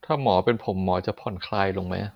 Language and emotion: Thai, frustrated